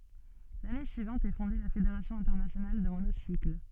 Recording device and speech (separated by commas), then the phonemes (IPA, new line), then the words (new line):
soft in-ear microphone, read sentence
lane syivɑ̃t ɛ fɔ̃de la fedeʁasjɔ̃ ɛ̃tɛʁnasjonal də monosikl
L'année suivante est fondé la Fédération internationale de monocycle.